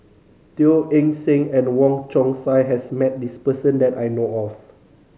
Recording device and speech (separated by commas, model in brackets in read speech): mobile phone (Samsung C5010), read sentence